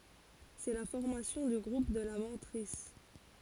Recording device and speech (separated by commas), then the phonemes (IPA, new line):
forehead accelerometer, read sentence
sɛ la fɔʁmasjɔ̃ dy ɡʁup də la mɑ̃tʁis